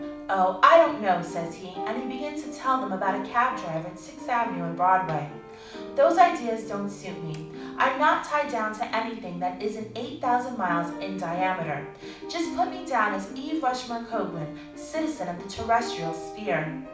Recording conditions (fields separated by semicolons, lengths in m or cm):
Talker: one person; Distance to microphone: 5.8 m; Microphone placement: far; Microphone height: 1.8 m; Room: medium-sized (5.7 m by 4.0 m); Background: music